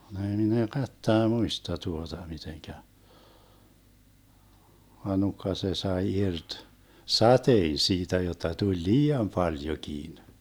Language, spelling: Finnish, muista tuota miten vaan nukka se sai irti sateen siitä jotta tuli liian paljonkin
- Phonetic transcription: - - - "muista 'tuota miteŋkä , va 'nukka se sae 'irt , "satein̬ 'siitä jotta tuĺ "lii₍am 'paljokiin .

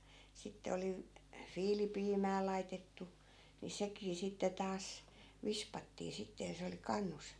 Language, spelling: Finnish, sitten oli - viilipiimää laitettu niin sekin sitten taas vispattiin sitten ja se oli kannussa
- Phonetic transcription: 'sitte oli v- , "fiilipiimää 'laitettu , ni 'sekii 'sitte 'taas , 'vispattii 'sitte ja se oli 'kannus .

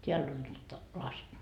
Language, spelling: Finnish, täällä on nyt lasi
- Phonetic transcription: 't́eäll ‿on nyt , 'laś .

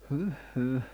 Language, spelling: Finnish, hyh hyh
- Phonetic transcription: hỳh hyh .

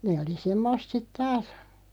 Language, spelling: Finnish, ne oli semmoista sitten taas
- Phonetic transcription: 'nee oli 'semmost sit "taas .

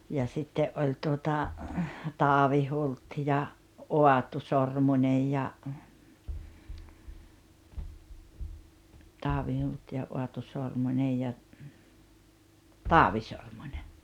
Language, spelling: Finnish, ja sitten oli tuota Taavi Hult ja Aatu Sormunen ja Taavi Hult ja Aatu Sormunen ja Taavi Sormunen
- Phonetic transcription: ja 'sitte’ '’oĺ tuota , 'Taavi 'Hult ja , 'Oatu "Sormuńej ja , 'Taavi Hult ja "Oatu 'Sormuńej ja , "Taavi 'Sormuńe .

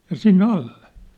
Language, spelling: Finnish, ja sinne alle
- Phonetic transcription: ja "sinnĕ alle .

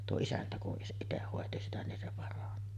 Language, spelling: Finnish, tuo isäntä kun itse hoiti sitä niin se parani
- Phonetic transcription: tuo 'isäntä kuˀ 'ˀiteh hòeti sitä nin se 'parani .

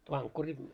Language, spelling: Finnish, vankkuri
- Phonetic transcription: vaŋkkuri ,.

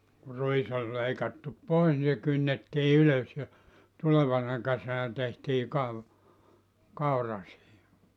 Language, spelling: Finnish, kun ruis oli leikattu pois niin se kynnettiin ylös ja tulevana kesänä tehtiin - kaura siihen
- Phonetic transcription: ku "ruis ‿oĺ 'leikattup "pois ni se 'kynnettii 'ylös ja , 'tulevana 'kesänä tehtii kav- , 'kaura siihi .

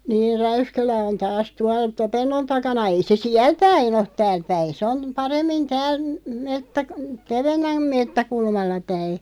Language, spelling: Finnish, niin Räyskälä on taas tuolla Topennon takana ei se siellä päin ole täällä päin se on paremmin täällä - Tevennän metsäkulmalla päin
- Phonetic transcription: niir 'Räyskälä on taas 'tual "Topennon 'takana 'ei 'se "siäl 'päin ‿oˀ§ , "tääl 'päin sᵉ on , 'paremmin 'tääl , mettäk- , "Tevennäm 'mettäkulmalla päi .

